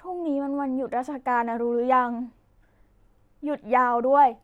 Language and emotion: Thai, neutral